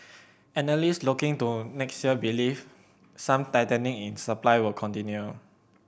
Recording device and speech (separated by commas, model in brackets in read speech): boundary microphone (BM630), read sentence